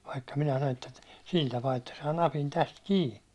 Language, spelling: Finnish, vaikka minä sanon teet sillä tapaa että saa napin tästä kiinni
- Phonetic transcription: vaikka minä (sanon teet) , 'sil tapaa että saa 'napin täst "kii ,.

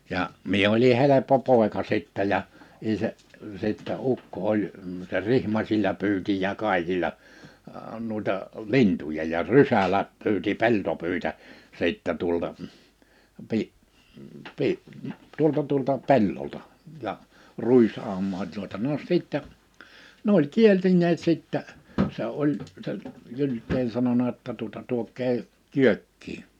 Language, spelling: Finnish, ja minä olin helppo poika sitten ja isä sitten ukko oli se rihmasilla pyysi ja kaikilla noita lintuja ja rysällä pyysi peltopyitä sitten tuolta - - tuolta tuolta pellolta ja ruisaumaan tuota no sitten ne oli kielineet sitten se oli se Gylden sanonut jotta tuota tuokaa kyökkiin
- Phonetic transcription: ja , 'mie oli 'heleppo 'pòeka 'sìttɛ ja , isä , sìttä 'ukko oĺ , se 'rihmasiĺla 'py̬yti ja 'kàikila , nuita , "lintuja ja "rysälä 'py̬yti 'peltopỳitä , 'sìttä tuolta , pi- , pi- , tuolta tuolta 'pellolta , ja , "ruis₍àummaa tuota no 'sìttɛ , 'n ‿oĺ 'kielti̳n̆neet 'sìttä , se 'oĺ , se , 'Jylt̆teen sanona ᵊtta tuᵒta » 'tuok̆kee , "kyökkii .

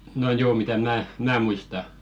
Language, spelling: Finnish, no joo mitä minä minä muistan
- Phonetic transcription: no 'joo mitä 'mää , "mää muista .

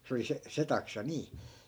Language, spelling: Finnish, se oli se se taksa niin
- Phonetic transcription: 'se oli se , 'se taksa 'nii .

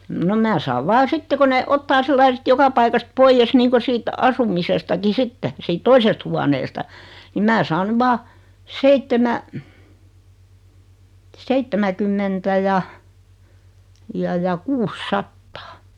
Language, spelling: Finnish, no minä saan vain sitten kun ne ottaa sillä lailla sitten joka paikasta pois niin kuin siitä asumisestakin sitten siitä toisesta huoneesta niin minä saan nyt vain - seitsemänkymmentä ja ja ja kuusisataa
- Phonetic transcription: no "mää saav 'vaa "sitte ko ne , 'ottaa "sillai sⁱt 'joka paikast "poijjes 'niiŋko 'siit , "asumisestaki "sitte , siit "toisest huaneesta , nim 'mää saan 'ny "vaa , "seittemä- , 'seittemäkymmentä ja , ja ja 'kuus'sattᴀᴀ .

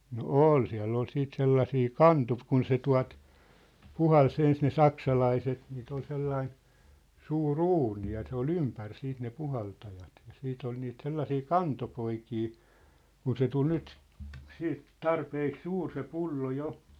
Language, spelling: Finnish, no oli siellä oli sitten sellaisia kun se tuota puhalsi ensin ne saksalaiset niitä oli sellainen suuri uuni ja se oli ympäri sitten ne puhaltajat ja sitten oli niitä sellaisia kantopoikia kun se tuli nyt sitten tarpeeksi suuri se pullo jo
- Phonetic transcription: no "ool 'siä̭ll ‿ol 'siit 'sellasii , "kantu̳p'kun se 'tua̭t , "puhal's ‿ens ne "saksalaiset niit ‿ol 'sellain , 'suu"r ‿uuni ja se ‿ol "ympär 'siit ne "puhaltajat , ja 'siit ‿ol niit 'sellasii "kantopoikii , 'kun se tul 'nyt , 'siit , "tarpeek "suur se "pullo "jo .

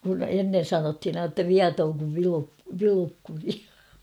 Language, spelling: Finnish, kun ennen sanottiin aina jotta viaton kuin - Vilukkuri
- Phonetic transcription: kun ennen̬ 'sanothin ain ‿tta "viatooŋ kuv Vilup- 'Vilukkuri .

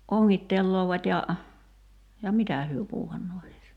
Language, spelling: Finnish, ongittelevat ja ja mitä he puuhannee hänessä
- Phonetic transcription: 'oŋŋittelloovat́ ja , ja "mitä hyö 'puuhannoo (hänessä) .

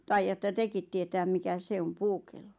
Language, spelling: Finnish, taidatte tekin tietää mikä se on puukello
- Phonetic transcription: taijatta 'tekit tietääm 'mikä "se om 'puukello .

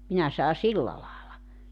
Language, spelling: Finnish, minä sanon silla lailla
- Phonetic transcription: 'minä saa "silla laala .

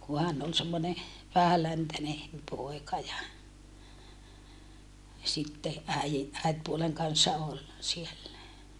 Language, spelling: Finnish, kun hän oli semmoinen vähäläntäinen poika ja sitten äidin äitipuolen kanssa oli siellä
- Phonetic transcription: ku hän ol semmone , vähäläntäne , pòika ja , sitte äiji , äitpuoleŋ kanssa ol , siellä .

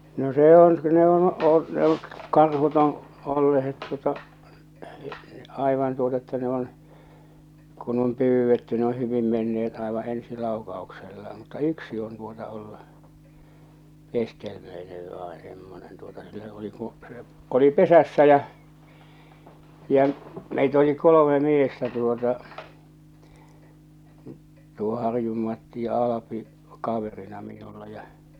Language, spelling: Finnish, no se on ne on - ne on karhut on olleet tuota aivan tuota että ne on kun on pyydetty ne on hyvin menneet aivan ensi laukauksella mutta yksi on tuota ollut keskimmäinen vai semmoinen tuota se se oli kun se oli pesässä ja ja meitä oli kolme miestä tuota tuo Harjun Matti ja Alpi kaverina minulla ja
- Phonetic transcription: no 'se ‿on , 'ne ‿on oi- , ne ‿oŋ , 'karhut ‿oo̰ , 'ollehet tuota , 'aivan tuota että ne ‿on , kun om 'pyyvvetty ne o 'hyvim 'menne₍et aḛvaa̰ 'ensi 'làu̬kau̬ksella , mutta "yksi on tuota ollu , ('keskemmöinev) vaeḛ semmonen tuota , se se oli kuṵ , se , oli 'pesässä jä͔ , jä͔ , meit ‿oli 'kolome 'miestä tuota , tuo 'Harjum Matti ja 'Alapi , 'kaverina minulla ja .

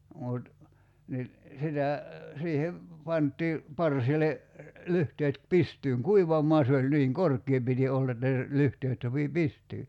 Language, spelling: Finnish, mutta niin sitä siihen pantiin parsille lyhteet pystyyn kuivamaan se oli niin korkea piti olla että lyhteet sopi pystyyn
- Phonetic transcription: mut , ni , 'sitä , 'siihev , 'pant̆tii , 'parsile , 'lyhteet 'pistyyŋ "kuivam̆moa se oĺ 'niiŋ "kork̆kie piti 'olla että , 'lyhteet sopi "pistyy .

